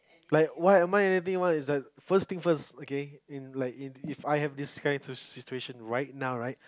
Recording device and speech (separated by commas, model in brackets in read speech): close-talking microphone, conversation in the same room